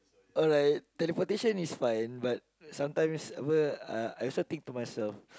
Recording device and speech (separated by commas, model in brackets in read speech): close-talking microphone, conversation in the same room